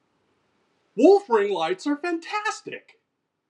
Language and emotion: English, surprised